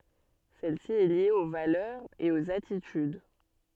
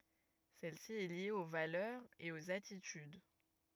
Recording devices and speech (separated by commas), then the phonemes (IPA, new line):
soft in-ear microphone, rigid in-ear microphone, read sentence
sɛl si ɛ lje o valœʁz e oz atityd